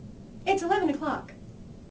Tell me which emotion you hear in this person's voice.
neutral